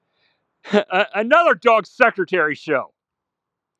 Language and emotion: English, happy